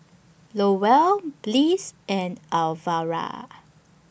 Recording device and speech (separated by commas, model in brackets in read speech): boundary microphone (BM630), read sentence